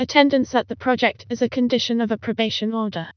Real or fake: fake